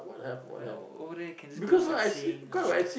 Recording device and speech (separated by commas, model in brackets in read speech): boundary microphone, conversation in the same room